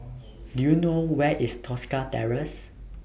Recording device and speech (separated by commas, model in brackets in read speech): boundary microphone (BM630), read sentence